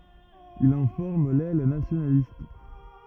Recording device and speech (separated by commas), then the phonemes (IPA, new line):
rigid in-ear microphone, read sentence
il ɑ̃ fɔʁm lɛl nasjonalist